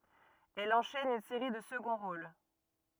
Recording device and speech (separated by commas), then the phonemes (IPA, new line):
rigid in-ear microphone, read sentence
ɛl ɑ̃ʃɛn yn seʁi də səɡɔ̃ ʁol